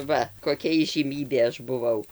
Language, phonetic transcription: Lithuanian, ˈva koˈkia įžyˈmybė ˈaš buˈvau

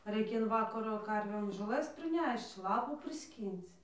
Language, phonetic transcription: Lithuanian, raikia in ˈvakaro ˈkarvėm žoˈlɘs priˈnešč ˈlapų priˈskync

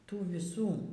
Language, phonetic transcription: Lithuanian, ˈtų viˈsų

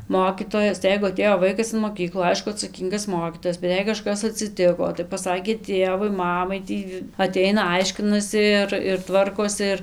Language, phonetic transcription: Lithuanian, ˈmokytojas tai ˈjeigu aˈtėjo ˈvaikas in moˈkyklų ˈaišku atsaˈkyngas ˈmokytojas bet ˈjei kaˈžkas atsiˈtiko tai paˈsakė ˈtėvui ˈmamai ˈtį aˈteina ˈaiškinasi ir ir ˈtvarkosi ir

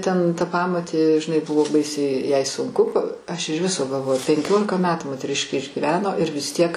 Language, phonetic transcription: Lithuanian, ten ta ˈpamotė žiˈnai ˈbuvo ˈbaisiai jai sunˈku ˈaš iž ˈviso galˈvoju penˈkiolika ˈmetų moteˈriškė išgiˈveno ir vis ˈtiek

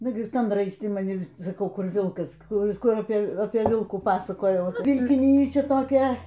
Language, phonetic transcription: Lithuanian, ˈnugi ˈtan raisˈti maˈni ir saˈkau ˈkur ˈvilkas ˈkur ˈkur apė ˈvilkų ˈpasakojau vilkiˈnyčia toˈkia

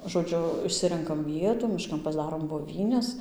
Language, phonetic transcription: Lithuanian, žoˈdžiu išˈsirenkam ˈvietų miˈškan pasˈdarom boˈvynes

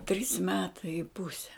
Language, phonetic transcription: Lithuanian, trys ˈmetai i ˈpuse

